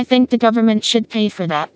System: TTS, vocoder